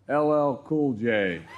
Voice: Monotone